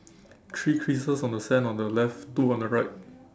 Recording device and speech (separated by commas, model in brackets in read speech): standing microphone, conversation in separate rooms